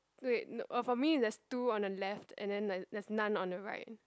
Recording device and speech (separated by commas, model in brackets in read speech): close-talking microphone, conversation in the same room